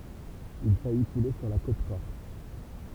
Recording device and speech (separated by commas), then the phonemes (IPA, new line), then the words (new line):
temple vibration pickup, read sentence
il faji kule syʁ la kot kɔʁs
Il faillit couler sur la côte corse.